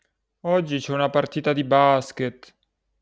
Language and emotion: Italian, sad